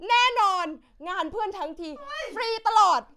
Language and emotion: Thai, happy